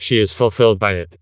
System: TTS, vocoder